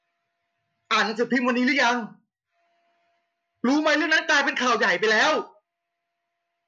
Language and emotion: Thai, angry